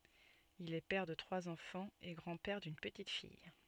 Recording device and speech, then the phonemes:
soft in-ear microphone, read sentence
il ɛ pɛʁ də tʁwaz ɑ̃fɑ̃z e ɡʁɑ̃ pɛʁ dyn pətit fij

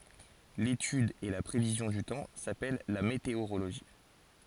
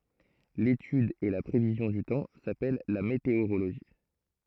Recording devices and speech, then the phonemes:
forehead accelerometer, throat microphone, read sentence
letyd e la pʁevizjɔ̃ dy tɑ̃ sapɛl la meteoʁoloʒi

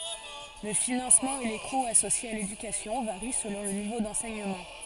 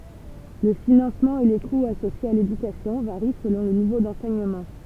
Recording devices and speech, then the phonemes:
forehead accelerometer, temple vibration pickup, read sentence
lə finɑ̃smɑ̃ e le kuz asosjez a ledykasjɔ̃ vaʁi səlɔ̃ lə nivo dɑ̃sɛɲəmɑ̃

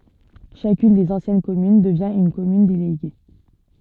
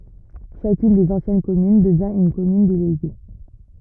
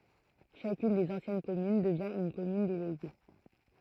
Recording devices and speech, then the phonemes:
soft in-ear microphone, rigid in-ear microphone, throat microphone, read sentence
ʃakyn dez ɑ̃sjɛn kɔmyn dəvjɛ̃ yn kɔmyn deleɡe

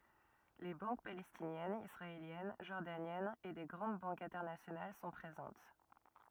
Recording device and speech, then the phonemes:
rigid in-ear microphone, read sentence
le bɑ̃k palɛstinjɛnz isʁaeljɛn ʒɔʁdanjɛnz e de ɡʁɑ̃d bɑ̃kz ɛ̃tɛʁnasjonal sɔ̃ pʁezɑ̃t

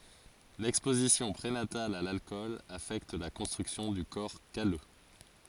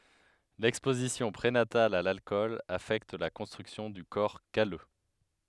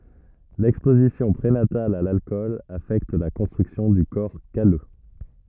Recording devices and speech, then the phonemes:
forehead accelerometer, headset microphone, rigid in-ear microphone, read sentence
lɛkspozisjɔ̃ pʁenatal a lalkɔl afɛkt la kɔ̃stʁyksjɔ̃ dy kɔʁ kalø

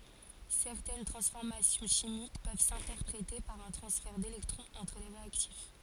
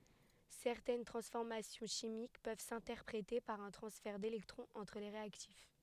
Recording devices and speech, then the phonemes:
forehead accelerometer, headset microphone, read sentence
sɛʁtɛn tʁɑ̃sfɔʁmasjɔ̃ ʃimik pøv sɛ̃tɛʁpʁete paʁ œ̃ tʁɑ̃sfɛʁ delɛktʁɔ̃z ɑ̃tʁ le ʁeaktif

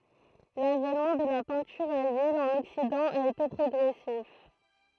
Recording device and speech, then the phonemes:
throat microphone, read sentence
lavɛnmɑ̃ də la pɛ̃tyʁ a lyil ɑ̃n ɔksidɑ̃ a ete pʁɔɡʁɛsif

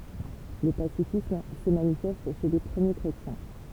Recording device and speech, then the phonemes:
temple vibration pickup, read sentence
lə pasifism sə manifɛst ʃe le pʁəmje kʁetjɛ̃

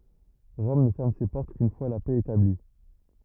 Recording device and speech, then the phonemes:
rigid in-ear microphone, read sentence
ʁɔm nə fɛʁm se pɔʁt kyn fwa la pɛ etabli

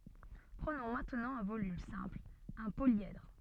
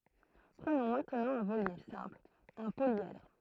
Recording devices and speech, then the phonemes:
soft in-ear microphone, throat microphone, read sentence
pʁənɔ̃ mɛ̃tnɑ̃ œ̃ volym sɛ̃pl œ̃ poljɛdʁ

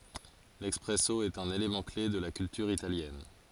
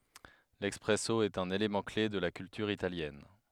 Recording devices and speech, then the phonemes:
forehead accelerometer, headset microphone, read sentence
lɛspʁɛso ɛt œ̃n elemɑ̃ kle də la kyltyʁ italjɛn

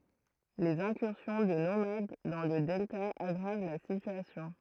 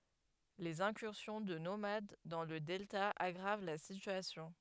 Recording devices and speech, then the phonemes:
throat microphone, headset microphone, read sentence
lez ɛ̃kyʁsjɔ̃ də nomad dɑ̃ lə dɛlta aɡʁav la sityasjɔ̃

